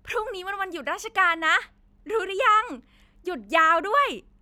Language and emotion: Thai, happy